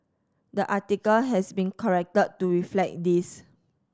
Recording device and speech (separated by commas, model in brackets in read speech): standing microphone (AKG C214), read sentence